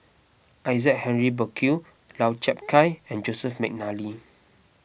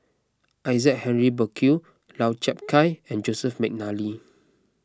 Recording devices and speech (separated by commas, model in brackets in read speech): boundary microphone (BM630), close-talking microphone (WH20), read sentence